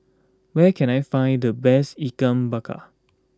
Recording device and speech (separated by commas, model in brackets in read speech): close-talking microphone (WH20), read sentence